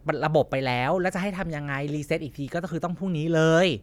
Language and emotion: Thai, frustrated